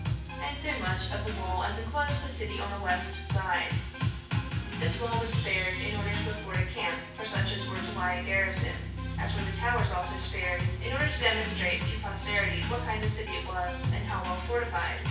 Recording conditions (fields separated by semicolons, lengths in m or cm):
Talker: one person; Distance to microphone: 9.8 m; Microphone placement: far; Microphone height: 1.8 m; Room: large; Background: music